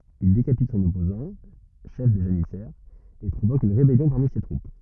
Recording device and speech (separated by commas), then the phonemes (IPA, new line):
rigid in-ear microphone, read sentence
il dekapit sɔ̃n ɔpozɑ̃ ʃɛf de ʒanisɛʁz e pʁovok yn ʁebɛljɔ̃ paʁmi se tʁup